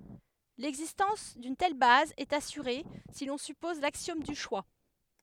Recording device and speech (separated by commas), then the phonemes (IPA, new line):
headset microphone, read sentence
lɛɡzistɑ̃s dyn tɛl baz ɛt asyʁe si lɔ̃ sypɔz laksjɔm dy ʃwa